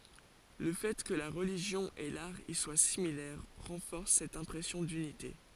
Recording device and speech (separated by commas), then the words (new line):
forehead accelerometer, read sentence
Le fait que la religion et l'art y soient similaires renforce cette impression d'unité.